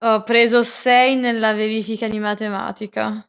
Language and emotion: Italian, disgusted